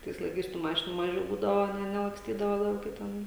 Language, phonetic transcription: Lithuanian, ˈtais laiˈkais tų ˈmašinų ˈmažiau ˈbūdavo ˈne nelaksˈtydavo lauˈke ˈten

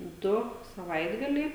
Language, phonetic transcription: Lithuanian, ˈdu saˈvaitgaliai

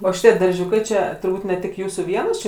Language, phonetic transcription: Lithuanian, ˈo ˈšitie darˈžiūkai čia turˈbūt ne ˈtik ˈjūsų ˈvienos ˈči

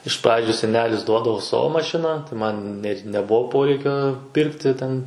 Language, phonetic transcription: Lithuanian, iš ˈpradžiu seˈnelis ˈduodavo ˈsavo maˈšiną tai ˈman net neˈbuvo ˈporeikio ˈpirkti ˈten

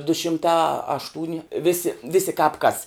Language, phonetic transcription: Lithuanian, du šimˈta ašˈtūni ˈvisi ˈvisi kāp kas

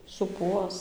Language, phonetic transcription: Lithuanian, suˈpuos

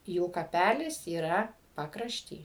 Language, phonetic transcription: Lithuanian, jų kaˈpælis yˈra pakrašˈty

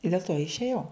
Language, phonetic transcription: Lithuanian, i dėl to išėˈjau

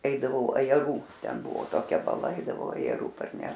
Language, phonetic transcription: Lithuanian, ˈeidavau ajaˈrų ˈten ˈbuvo toˈkia baˈla ˈaidavau ajaˈrų parˈneš

